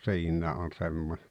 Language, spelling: Finnish, siinä on semmoinen
- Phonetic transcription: siinnää on "semmoɴᴇ .

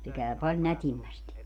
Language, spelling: Finnish, se käy paljon nätimmästi
- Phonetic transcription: se 'kä̀y paĺ 'nätimmästi .

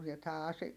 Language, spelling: Finnish, ja tämä -
- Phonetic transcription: ja tää Asi- , .

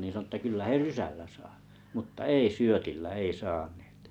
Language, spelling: Finnish, niin sanoi että kyllä he rysällä saa mutta ei syötillä ei saaneet
- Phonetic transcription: nin sᵃno että » kyllä 'he "rysällä 'saa « , muttᵃ "ei 'syötillä "ei 'saaɴᴇᴇt .

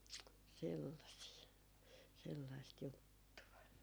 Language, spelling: Finnish, sellaisia sellaista juttua
- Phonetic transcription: 'sellasii , sellaist 'juttu₍a .

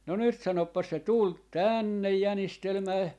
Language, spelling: Finnish, no nyt sanopas se tuli tänne jänistelemään
- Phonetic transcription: no 'nyt sanoppas se 'tùl , "tä̀nnej 'jänistelmää .

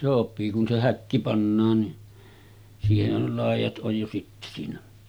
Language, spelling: Finnish, sopii kun se häkki pannaan niin siihenhän jo laidat on jo sitten siinä
- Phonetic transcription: sop̀ii kun se 'häkki pannaan ni , siiheh̆häj jo 'làij̆jat ’oj jo sitte siinä .

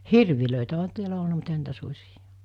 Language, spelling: Finnish, hirviä onhan täällä ollut mutta eihän niitä susia
- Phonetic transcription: 'hirvilö̀itä oɦa 'tiälä olna mut ehän̆ niitä 'sus̜iJᴀ .

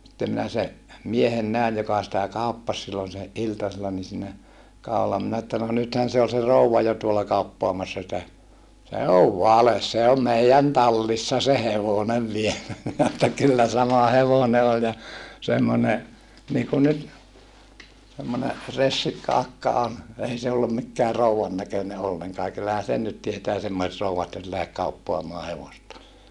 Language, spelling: Finnish, sitten minä sen miehen näin joka sitä kauppasi silloin se iltasella niin siinä kadulla minä että no nythän se oli se rouva jo tuolla kauppaamassa sitä se on vale se on meidän tallissa se hevonen vielä minä että kyllä sama hevonen oli ja semmoinen niin kuin nyt semmoinen ressikka akka on ei se ollut mikään rouvan näköinen ollenkaan ja kyllähän sen nyt tietää semmoiset rouvat nyt lähde kauppaamaan hevosta
- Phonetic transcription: sittem minä se , miehen nä̀ij joka sitä kàuppas sillon se , ʼiltasella ni siinä , kàu̬lla minä että » no nythän̬ se ol se rouva jo tuola kauppoamassa sitä » , » se ov vales se om meijän tallissa se hevonev vielä » minä että » kyllä sama hevone oĺ ja , semmone , niikun nyt , semmone , ressikka akka on , ei se ollum mikkää rouwan näköne olleŋkaa (ja) kyllähä sen nyt tietää semmoset rouwat nyt lähek kauppoamaa hevosta » .

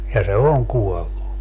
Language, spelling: Finnish, ja se on kuollut
- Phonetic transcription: ja se "oŋ 'kuɔllu .

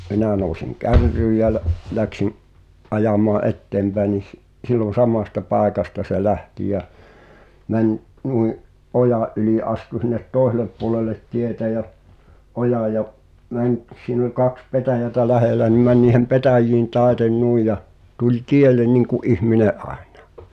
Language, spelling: Finnish, no minä nousin kärryyn ja - lähdin ajamaan eteenpäin niin - silloin samasta paikasta se lähti ja meni noin ojan yli astui sinne toiselle puolelle tietä ja ojaa ja meni siinä oli kaksi petäjää lähellä niin meni niiden petäjien taitse noin ja tuli tielle niin kuin ihminen aina
- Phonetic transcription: ɴᴏ , 'minä̀ nòu̬siŋ "kärryy jä l- , läksin’ , '’ajamaa "’ette̳mʙäe ni s- , sil̆lon̬ "samàsta 'pàekasta se 'lähti jä , 'mäń’ , 'nui’ , "’ojà’ ’yli ’astu sin̆net "tòeselep puŏlelet 'tietä jä , 'ojà ja , 'mäń’ , siin ‿ol 'kaks "petäjätä 'lähèlä ni mäń niihem "petä̀j̆jiin 'tàeten 'nui ja , tuĺ "tiel̆len niŋku’ '’ihmine’ '’àeɴᴀᴀ .

